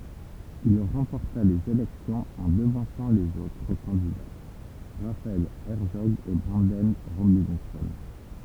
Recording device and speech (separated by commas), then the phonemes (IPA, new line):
temple vibration pickup, read sentence
il ʁɑ̃pɔʁta lez elɛksjɔ̃z ɑ̃ dəvɑ̃sɑ̃ lez otʁ kɑ̃dida ʁafaɛl ɛʁtsɔɡ e bʁɑ̃dɛn ʁobɛ̃sɔ̃